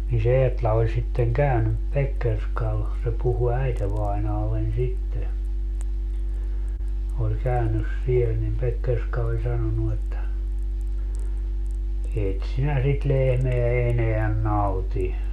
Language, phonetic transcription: Finnish, ni se 'Eetla oĺ sitteŋ "käynyp 'Pekkerskal , se 'puhu 'äitevainaallen sitte , oĺ 'käynys 'siel nim 'Pekkerska oĺ 'sanonu että , » 'eet sinä sit 'lehmeä 'eneän "nauti .
- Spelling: niin se Eetla oli sitten käynyt Pekkerskalla se puhui äitivainajalleni sitten oli käynyt siellä niin Pekkerska oli sanonut että et sinä sitä lehmää enää nauti

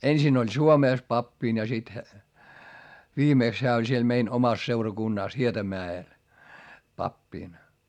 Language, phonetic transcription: Finnish, ensin ‿oĺ Suomès pappin ja sit , viimèks heä oĺ siel mein omas seurakunnàs Hietamää₍el , pappìn .
- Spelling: ensin oli Suomessa pappina ja sitten viimeksi hän oli siellä meidän omassa seurakunnassa Hietamäellä pappina

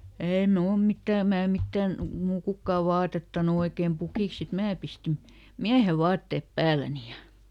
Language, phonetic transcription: Finnish, ˈèi "mnuul ˈmittä̀ "mää ˈmittän , muu ˈkukkàv "vaatettanu ˈoikeem ˈpukìks "sit mää pistin , "miähe "vaattèp ˈpääläni ja ,.
- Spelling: ei minulla mitään minä mitään minua kukaan vaatettanut oikein pukiksi sitten minä pistin miehen vaatteet päälleni ja

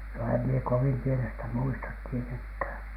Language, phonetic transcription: Finnish, no em mie "kovim 'pienestä muistat 'tieteŋkhä̀N .
- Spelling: no en minä kovin pienestä muista tietenkään

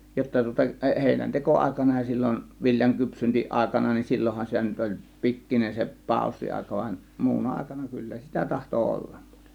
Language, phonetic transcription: Finnish, jotta tŭŏta eˀ- 'hèinänteko 'àėkana ja sillon , 'viljaŋ "kypsyntiˀàėkana nin "sillohhan sitä nyt oĺ , "pikkinen se , "pàȯssi₍àėka van , 'muuna 'àėkana 'kyllä sitä tahto "ollAM MUUTEˀ .
- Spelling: jotta tuota - heinänteko aikana ja silloin viljan kypsyntäaikana niin silloinhan sitä nyt oli pikkuinen se paussiaika vaan muuna aikana kyllä sitä tahtoi olla muuten

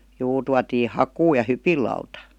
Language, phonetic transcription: Finnish, 'juu tuatii "hakuu ja "hypil̆lauta .
- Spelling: juu tuotiin hakua ja hypinlauta

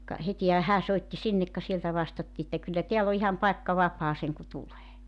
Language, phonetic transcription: Finnish, ka , 'hetihä 'hää 'soitti 'sinnek ka sieltä 'vastattii että » 'kyllä "teäll ‿o 'iham 'paekka 'vap̀aa seŋku 'tulee « .
- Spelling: ka hetihän hän soitti sinne ka sieltä vastattiin että kyllä täällä on ihan paikka vapaa sen kuin tulee

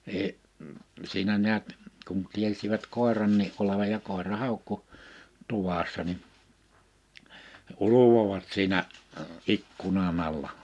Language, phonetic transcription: Finnish, ni , 'siinä niät , kun 'tiesivät 'kòerannii’ '’olevaj ja kòera 'hàukku , 'tuvassa ni , 'uluvovat siinä , '’ikkunan ‿alla .
- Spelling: niin siinä näet kun tiesivät koirankin olevan ja koira haukkui tuvassa niin ulvoivat siinä ikkunan alla

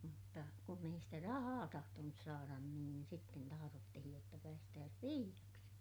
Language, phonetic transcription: Finnish, mutta , mutta , kunn ‿ei sitä rahaa tahtonus saaran niin sitten taharottihij jotta päästääs piiʲaksi .
- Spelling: mutta mutta kun ei sitä rahaa tahtonut saada niin sitten tahdottiin jotta päästäisiin piiaksi

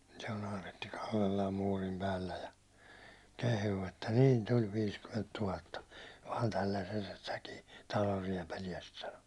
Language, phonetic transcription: Finnish, se o'n ‿aaretti 'kallellaam 'muurim "päällä ja , 'kehuu että » niin tuĺ 'viiskymment 'tuhatta , vaan 'tällässestäkii 'talor̀ 'riɛpäliɛst « sano .
- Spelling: se on Aaretti kallellaan muurin päällä ja kehuu että niin tuli viisikymmentä tuhatta vain tällaisestäkin talon riepaleesta sanoi

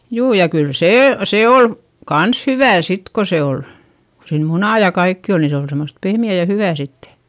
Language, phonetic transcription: Finnish, juu ja kyl see , se ol , kans hyvä̀ sit ko se ol , ko siin munà ja kaikki ol ni se ol semost pehmi₍ä̀ ja hyvä̀ sitte .
- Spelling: juu ja kyllä se se oli kanssa hyvää sitten kun se oli kun siinä munaa ja kaikkea oli niin se oli semmoista pehmeää ja hyvää sitten

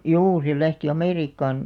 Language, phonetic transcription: Finnish, juu se lähti 'Amèriikkaan .
- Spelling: juu se lähti Amerikkaan

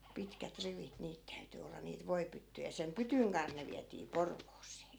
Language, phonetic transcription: Finnish, 'pitkät 'rivit 'niit täyty olla niit 'voipyttyjä sem "pytyŋ kanh ne viätii 'Porvoosee .
- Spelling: pitkät rivit niitä täytyi olla niitä voipyttyjä sen pytyn kanssa ne vietiin Porvooseen

